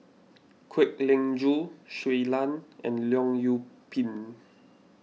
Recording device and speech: mobile phone (iPhone 6), read sentence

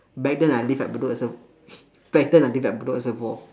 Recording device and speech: standing microphone, conversation in separate rooms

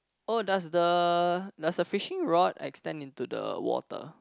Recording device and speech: close-talking microphone, conversation in the same room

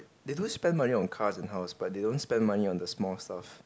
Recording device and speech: close-talking microphone, conversation in the same room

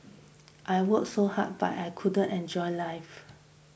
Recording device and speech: boundary microphone (BM630), read sentence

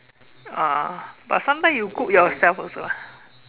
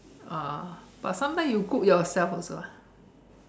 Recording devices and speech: telephone, standing microphone, conversation in separate rooms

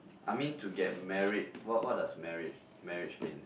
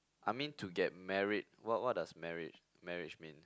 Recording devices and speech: boundary microphone, close-talking microphone, conversation in the same room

